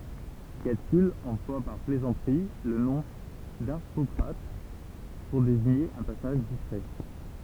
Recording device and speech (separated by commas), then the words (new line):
temple vibration pickup, read sentence
Catulle emploie par plaisanterie le nom d'Harpocrate pour désigner un personnage discret.